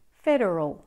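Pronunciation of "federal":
'Federal' is pronounced with an American accent.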